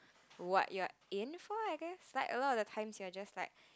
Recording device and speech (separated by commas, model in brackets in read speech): close-talking microphone, conversation in the same room